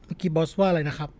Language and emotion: Thai, neutral